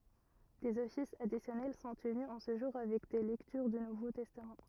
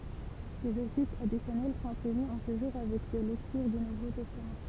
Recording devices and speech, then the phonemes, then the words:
rigid in-ear microphone, temple vibration pickup, read sentence
dez ɔfisz adisjɔnɛl sɔ̃ təny ɑ̃ sə ʒuʁ avɛk de lɛktyʁ dy nuvo tɛstam
Des offices additionnels sont tenus en ce jour avec des lectures du Nouveau Testament.

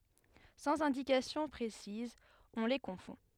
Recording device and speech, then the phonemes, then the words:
headset microphone, read sentence
sɑ̃z ɛ̃dikasjɔ̃ pʁesizz ɔ̃ le kɔ̃fɔ̃
Sans indications précises, on les confond.

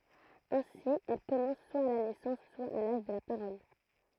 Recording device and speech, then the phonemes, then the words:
throat microphone, read sentence
ɛ̃si ɛl kɔmɑ̃s swa a la nɛsɑ̃s swa a laʒ də la paʁɔl
Ainsi, elle commence, soit à la naissance, soit à l'âge de la parole.

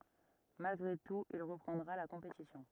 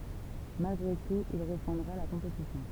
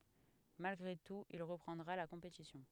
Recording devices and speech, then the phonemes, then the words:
rigid in-ear microphone, temple vibration pickup, headset microphone, read sentence
malɡʁe tut il ʁəpʁɑ̃dʁa la kɔ̃petisjɔ̃
Malgré tout il reprendra la compétition.

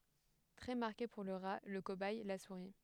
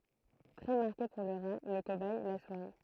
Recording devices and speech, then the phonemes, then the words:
headset microphone, throat microphone, read sentence
tʁɛ maʁke puʁ lə ʁa lə kobɛj la suʁi
Très marqué pour le rat, le cobaye, la souris.

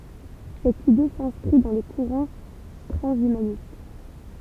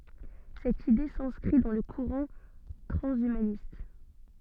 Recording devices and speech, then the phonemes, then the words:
temple vibration pickup, soft in-ear microphone, read sentence
sɛt ide sɛ̃skʁi dɑ̃ lə kuʁɑ̃ tʁɑ̃ʃymanist
Cette idée s'inscrit dans le courant transhumaniste.

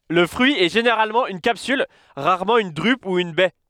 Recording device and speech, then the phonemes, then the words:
headset microphone, read sentence
lə fʁyi ɛ ʒeneʁalmɑ̃ yn kapsyl ʁaʁmɑ̃ yn dʁyp u yn bɛ
Le fruit est généralement une capsule, rarement une drupe ou une baie.

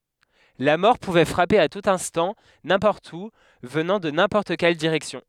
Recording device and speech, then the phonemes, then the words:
headset microphone, read sentence
la mɔʁ puvɛ fʁape a tut ɛ̃stɑ̃ nɛ̃pɔʁt u vənɑ̃ də nɛ̃pɔʁt kɛl diʁɛksjɔ̃
La mort pouvait frapper à tout instant, n'importe où, venant de n'importe quelle direction.

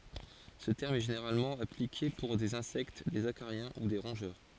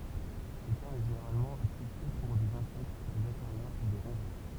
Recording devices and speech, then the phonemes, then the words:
forehead accelerometer, temple vibration pickup, read sentence
sə tɛʁm ɛ ʒeneʁalmɑ̃ aplike puʁ dez ɛ̃sɛkt dez akaʁjɛ̃ u de ʁɔ̃ʒœʁ
Ce terme est généralement appliqué pour des insectes, des acariens ou des rongeurs.

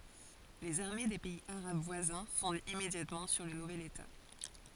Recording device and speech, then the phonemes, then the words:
forehead accelerometer, read sentence
lez aʁme de pɛiz aʁab vwazɛ̃ fɔ̃dt immedjatmɑ̃ syʁ lə nuvɛl eta
Les armées des pays arabes voisins fondent immédiatement sur le nouvel État.

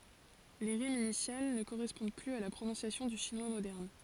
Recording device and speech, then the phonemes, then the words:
forehead accelerometer, read sentence
le ʁimz inisjal nə koʁɛspɔ̃d plyz a la pʁonɔ̃sjasjɔ̃ dy ʃinwa modɛʁn
Les rimes initiales ne correspondent plus à la prononciation du chinois moderne.

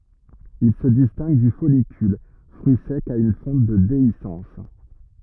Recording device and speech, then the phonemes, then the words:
rigid in-ear microphone, read sentence
il sə distɛ̃ɡ dy fɔlikyl fʁyi sɛk a yn fɑ̃t də deisɑ̃s
Il se distingue du follicule, fruit sec à une fente de déhiscence.

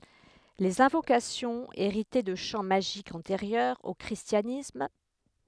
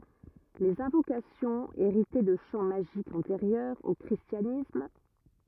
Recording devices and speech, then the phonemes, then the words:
headset microphone, rigid in-ear microphone, read sentence
lez ɛ̃vokasjɔ̃z eʁitɛ də ʃɑ̃ maʒikz ɑ̃teʁjœʁz o kʁistjanism
Les invocations héritaient de chants magiques antérieurs au christianisme.

